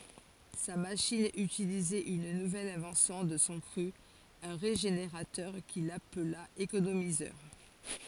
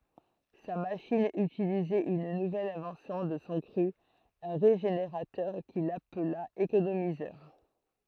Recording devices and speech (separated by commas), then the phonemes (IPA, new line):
forehead accelerometer, throat microphone, read sentence
sa maʃin ytilizɛt yn nuvɛl ɛ̃vɑ̃sjɔ̃ də sɔ̃ kʁy œ̃ ʁeʒeneʁatœʁ kil apla ekonomizœʁ